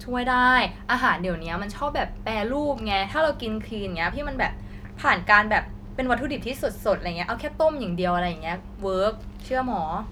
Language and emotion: Thai, happy